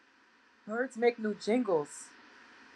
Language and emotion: English, fearful